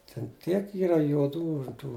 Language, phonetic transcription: Lithuanian, ten ˈtiek ˈyra juoˈdų ˈtų

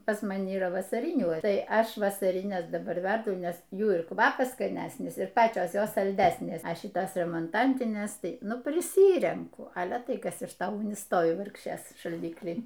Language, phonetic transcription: Lithuanian, pas maˈni yˈra vasaˈrinių ˈtai ˈaš vasariˈnes daˈbar ˈverdu ˈnes ˈjų ir ˈkvapas skaˈnæsnis ir ˈpačios ˈjos salˈdæsnės ˈa ˈšitos remonˈtantinės ˈtai ˈnu priˈsyrenku ˈale ˈtai ˈkas iš ˈto ˈugni ˈstovi ˈvargšės šalˈdikly

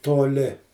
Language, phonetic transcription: Lithuanian, toˈli

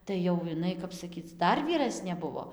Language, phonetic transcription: Lithuanian, tai jau iˈnai ˈkap saˈkyc ˈdar vyˈrasnė ˈbuvo

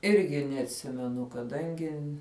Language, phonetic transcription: Lithuanian, ˈirgi neatˈsimenu kaˈdangi

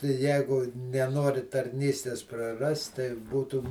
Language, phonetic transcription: Lithuanian, tai ˈjegu neˈnori tarˈnystės praˈrast tai ˈbūtu

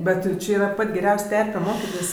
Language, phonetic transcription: Lithuanian, ˈbet jauˈči ˈyra ˈpat' geˈriaus' ˈterpe ˈmokitis

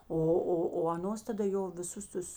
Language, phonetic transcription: Lithuanian, ˈo ˈo o aˈnos taˈda ˈjo viˈsus ˈtus

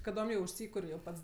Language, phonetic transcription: Lithuanian, kaˈdom jau užˈsykur' jau ˈpats

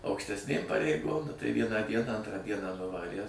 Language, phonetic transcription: Lithuanian, aukštesˈnėm pareiˈgom nu tai ˈvieną ˈdieną ˈantrą ˈdieną nuˈvarie

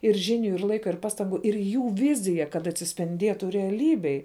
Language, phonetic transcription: Lithuanian, ir ˈžiˌniu ir ˈlaika ir ˈpaˌstangu ir ˈjų ˈvizija kad atsispinˈdietu reaˈlybėj

